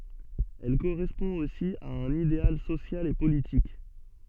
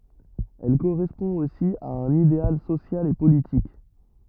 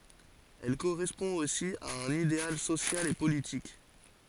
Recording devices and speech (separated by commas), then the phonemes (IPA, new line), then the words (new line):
soft in-ear microphone, rigid in-ear microphone, forehead accelerometer, read sentence
ɛl koʁɛspɔ̃ osi a œ̃n ideal sosjal e politik
Elle correspond aussi à un idéal social et politique.